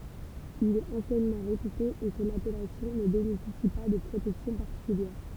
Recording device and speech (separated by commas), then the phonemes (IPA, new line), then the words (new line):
temple vibration pickup, read sentence
il ɛt ɑ̃sjɛnmɑ̃ ʁepyte e sɔ̃n apɛlasjɔ̃ nə benefisi pa də pʁotɛksjɔ̃ paʁtikyljɛʁ
Il est anciennement réputé et son appellation ne bénéficie pas de protection particulière.